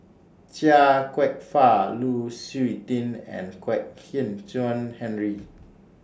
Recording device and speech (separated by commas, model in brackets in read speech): standing microphone (AKG C214), read sentence